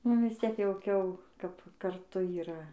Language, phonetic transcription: Lithuanian, ˈnu vis ˈciek jauˈkiau kap karˈtu yˈra

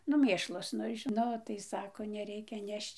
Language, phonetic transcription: Lithuanian, nu ˈmėšlas ˈnu i žiˈno ˈnu tai ˈsako neˈreikia ˈnešč

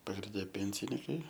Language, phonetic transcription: Lithuanian, pagrinˈde ˈpėnsinykai

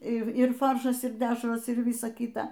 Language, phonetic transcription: Lithuanian, ˈir ˈir ˈfaršas ir ˈdešros ir ˈvysa ˈkyta

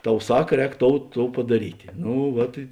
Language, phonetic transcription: Lithuanian, ˈtau ˈsak ˈrēk ˈtou ˈtou padaˈrytė ˈnu ˈvat i

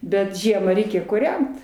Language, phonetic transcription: Lithuanian, ˈbet ˈžiema ˈreikia kūˈrent

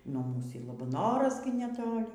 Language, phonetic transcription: Lithuanian, nuo ˈmūs y labaˈnoras gi neˈtoli

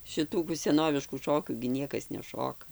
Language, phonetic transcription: Lithuanian, šiˈtų kų seˈnoviškų ˈšokių gi ˈniekas neˈšoka

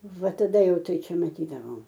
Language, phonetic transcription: Lithuanian, ˈva taˈda ˈjau ˈtai ˈčia maˈtydavom

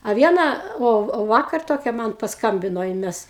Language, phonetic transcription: Lithuanian, a ˈviena o ˈo ˈvakar ˈtokia ˈman pasˈkambino ˈjin ˈmes

